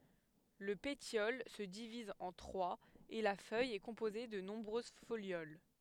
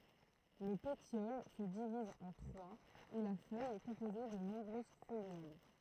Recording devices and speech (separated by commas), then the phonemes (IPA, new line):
headset microphone, throat microphone, read sentence
lə petjɔl sə diviz ɑ̃ tʁwaz e la fœj ɛ kɔ̃poze də nɔ̃bʁøz foljol